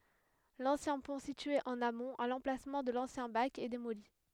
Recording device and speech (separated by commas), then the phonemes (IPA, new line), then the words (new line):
headset microphone, read sentence
lɑ̃sjɛ̃ pɔ̃ sitye ɑ̃n amɔ̃t a lɑ̃plasmɑ̃ də lɑ̃sjɛ̃ bak ɛ demoli
L'ancien pont situé en amont, à l'emplacement de l'ancien bac, est démoli.